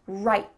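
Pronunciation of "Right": In 'right', the final T is a stopped T: it is not really said, so no clear T sound is heard at the end.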